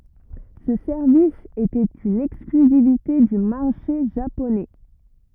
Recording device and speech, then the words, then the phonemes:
rigid in-ear microphone, read sentence
Ce service était une exclusivité du marché japonais.
sə sɛʁvis etɛt yn ɛksklyzivite dy maʁʃe ʒaponɛ

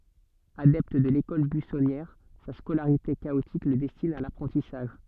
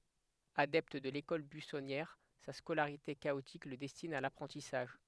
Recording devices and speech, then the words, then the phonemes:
soft in-ear microphone, headset microphone, read sentence
Adepte de l'école buissonnière, sa scolarité chaotique le destine à l'apprentissage.
adɛpt də lekɔl byisɔnjɛʁ sa skolaʁite kaotik lə dɛstin a lapʁɑ̃tisaʒ

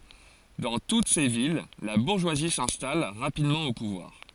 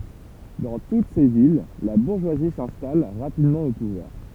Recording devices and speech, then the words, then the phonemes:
forehead accelerometer, temple vibration pickup, read sentence
Dans toutes ces villes, la bourgeoisie s'installe rapidement au pouvoir.
dɑ̃ tut se vil la buʁʒwazi sɛ̃stal ʁapidmɑ̃ o puvwaʁ

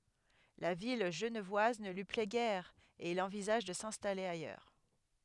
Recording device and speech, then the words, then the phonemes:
headset microphone, read sentence
La vie genevoise ne lui plaît guère et il envisage de s'installer ailleurs.
la vi ʒənvwaz nə lyi plɛ ɡɛʁ e il ɑ̃vizaʒ də sɛ̃stale ajœʁ

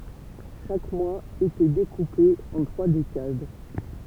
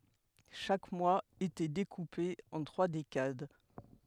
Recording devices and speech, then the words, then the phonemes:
temple vibration pickup, headset microphone, read sentence
Chaque mois était découpé en trois décades.
ʃak mwaz etɛ dekupe ɑ̃ tʁwa dekad

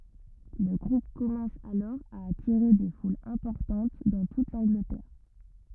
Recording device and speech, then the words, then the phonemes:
rigid in-ear microphone, read sentence
Le groupe commence alors à attirer des foules importantes dans toute l'Angleterre.
lə ɡʁup kɔmɑ̃s alɔʁ a atiʁe de fulz ɛ̃pɔʁtɑ̃t dɑ̃ tut lɑ̃ɡlətɛʁ

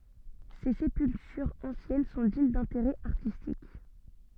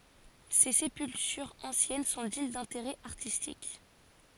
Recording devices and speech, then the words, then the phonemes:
soft in-ear microphone, forehead accelerometer, read sentence
Ses sépultures anciennes sont dignes d'intérêt artistique.
se sepyltyʁz ɑ̃sjɛn sɔ̃ diɲ dɛ̃teʁɛ aʁtistik

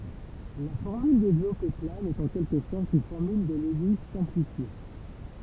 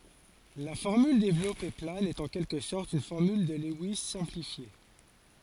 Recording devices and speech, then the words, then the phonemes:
temple vibration pickup, forehead accelerometer, read sentence
La formule développée plane est en quelque sorte une formule de Lewis simplifiée.
la fɔʁmyl devlɔpe plan ɛt ɑ̃ kɛlkə sɔʁt yn fɔʁmyl də lɛwis sɛ̃plifje

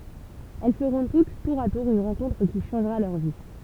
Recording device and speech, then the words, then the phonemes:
temple vibration pickup, read sentence
Elles feront toutes, tour à tour, une rencontre qui changera leur vie.
ɛl fəʁɔ̃ tut tuʁ a tuʁ yn ʁɑ̃kɔ̃tʁ ki ʃɑ̃ʒʁa lœʁ vi

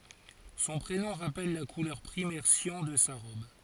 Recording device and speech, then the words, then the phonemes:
forehead accelerometer, read sentence
Son prénom rappelle la couleur primaire cyan de sa robe.
sɔ̃ pʁenɔ̃ ʁapɛl la kulœʁ pʁimɛʁ sjɑ̃ də sa ʁɔb

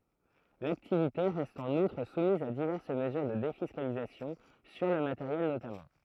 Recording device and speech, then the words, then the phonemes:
throat microphone, read sentence
L’activité reste en outre soumise à diverses mesures de défiscalisation, sur le matériel notamment.
laktivite ʁɛst ɑ̃n utʁ sumiz a divɛʁs məzyʁ də defiskalizasjɔ̃ syʁ lə mateʁjɛl notamɑ̃

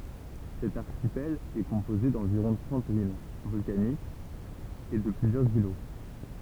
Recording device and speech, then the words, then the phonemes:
temple vibration pickup, read sentence
Cet archipel est composé d’environ trente îles volcaniques et de plusieurs îlots.
sɛt aʁʃipɛl ɛ kɔ̃poze dɑ̃viʁɔ̃ tʁɑ̃t il vɔlkanikz e də plyzjœʁz ilo

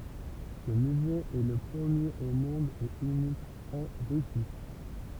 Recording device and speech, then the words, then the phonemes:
temple vibration pickup, read sentence
Ce musée est le premier au monde et unique en Russie.
sə myze ɛ lə pʁəmjeʁ o mɔ̃d e ynik ɑ̃ ʁysi

